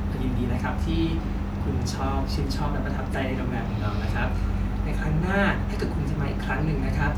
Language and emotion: Thai, happy